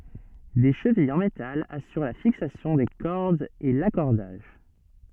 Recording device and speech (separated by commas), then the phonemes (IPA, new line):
soft in-ear microphone, read sentence
de ʃəvijz ɑ̃ metal asyʁ la fiksasjɔ̃ de kɔʁdz e lakɔʁdaʒ